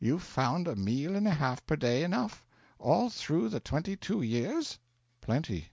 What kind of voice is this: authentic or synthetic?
authentic